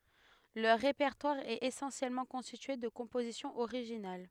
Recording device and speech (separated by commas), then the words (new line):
headset microphone, read sentence
Leur répertoire est essentiellement constitué de compositions originales.